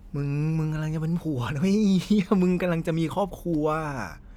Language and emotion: Thai, happy